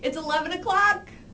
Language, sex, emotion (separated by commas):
English, female, happy